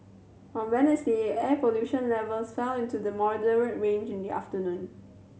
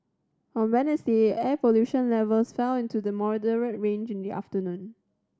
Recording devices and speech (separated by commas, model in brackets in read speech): mobile phone (Samsung C7100), standing microphone (AKG C214), read sentence